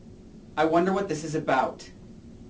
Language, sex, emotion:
English, male, neutral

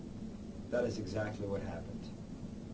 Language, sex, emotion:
English, male, neutral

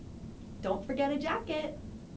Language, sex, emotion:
English, female, happy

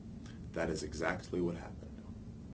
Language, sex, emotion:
English, male, neutral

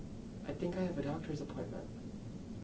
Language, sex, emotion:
English, male, neutral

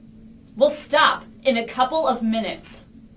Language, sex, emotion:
English, female, angry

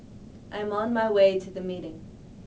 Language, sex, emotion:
English, female, neutral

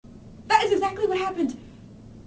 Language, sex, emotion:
English, female, angry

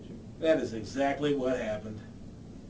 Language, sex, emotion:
English, male, disgusted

